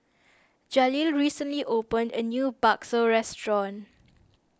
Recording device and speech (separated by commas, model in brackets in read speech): standing microphone (AKG C214), read sentence